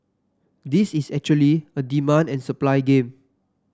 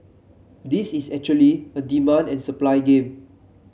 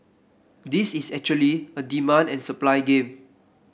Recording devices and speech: standing microphone (AKG C214), mobile phone (Samsung C7), boundary microphone (BM630), read sentence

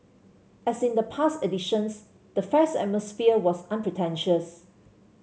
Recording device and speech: mobile phone (Samsung C7), read sentence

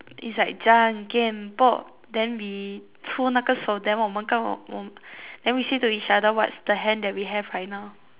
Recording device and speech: telephone, conversation in separate rooms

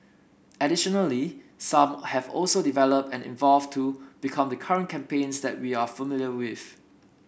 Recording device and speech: boundary microphone (BM630), read sentence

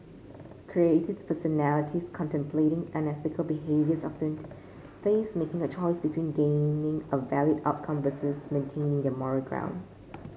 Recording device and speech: mobile phone (Samsung C5), read sentence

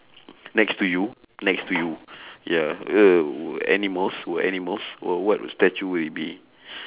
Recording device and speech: telephone, conversation in separate rooms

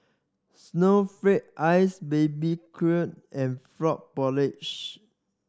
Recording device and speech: standing microphone (AKG C214), read sentence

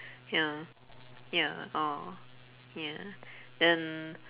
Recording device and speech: telephone, conversation in separate rooms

